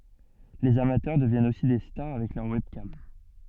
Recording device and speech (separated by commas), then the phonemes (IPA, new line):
soft in-ear microphone, read sentence
lez amatœʁ dəvjɛnt osi de staʁ avɛk lœʁ wɛbkam